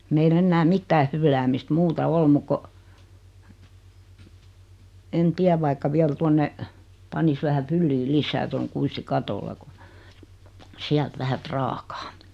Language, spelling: Finnish, meillä enää mitään fylläämistä muuta ole muuta kuin en tiedä vaikka vielä tuonne panisi vähä fylliä lisää tuon kuistin katolle kun sieltä vähän prakaa
- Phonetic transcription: meil'l ‿ennää 'mittää hylläämist 'muuta "ol muk ko , en 'tiäv vaikka viäl 'tuonne , 'panis vähä 'fylli 'lis̀ää toŋ 'kuisti "katolla ko , 'siält 'vähä "praakᴀᴀ .

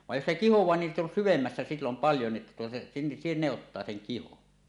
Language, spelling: Finnish, vaan jos se kihoaa niin sitten on syvemmässä silloin paljon niin että tuota - ne ottaa sen kihon
- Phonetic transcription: vaj jos se "kihoẁaa nin sit ‿on 'syvemmässä sillom "paljo ni että tuota , si- , ne 'ottaa seŋ kihon .

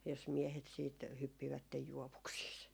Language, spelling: Finnish, jos miehet sitten hyppivät juovuksissa
- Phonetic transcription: jos 'miehet siit , 'hyppivättej "juovuksiis .

